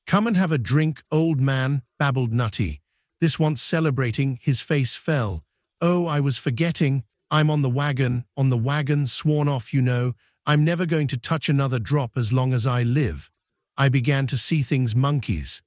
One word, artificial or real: artificial